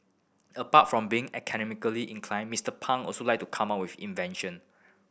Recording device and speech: boundary microphone (BM630), read sentence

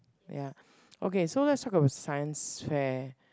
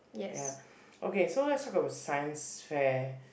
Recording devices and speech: close-talking microphone, boundary microphone, conversation in the same room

